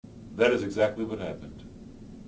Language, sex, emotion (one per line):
English
male
neutral